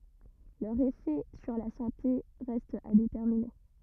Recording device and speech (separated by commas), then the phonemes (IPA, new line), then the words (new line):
rigid in-ear microphone, read sentence
lœʁz efɛ syʁ la sɑ̃te ʁɛstt a detɛʁmine
Leurs effets sur la santé restent à déterminer.